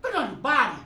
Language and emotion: Thai, frustrated